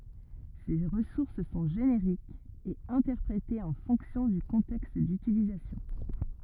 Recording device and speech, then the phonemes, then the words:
rigid in-ear microphone, read sentence
se ʁəsuʁs sɔ̃ ʒeneʁikz e ɛ̃tɛʁpʁete ɑ̃ fɔ̃ksjɔ̃ dy kɔ̃tɛkst dytilizasjɔ̃
Ces ressources sont génériques et interprétée en fonction du contexte d'utilisation.

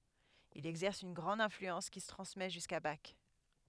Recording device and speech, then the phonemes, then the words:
headset microphone, read sentence
il ɛɡzɛʁs yn ɡʁɑ̃d ɛ̃flyɑ̃s ki sə tʁɑ̃smɛ ʒyska bak
Il exerce une grande influence qui se transmet jusqu'à Bach.

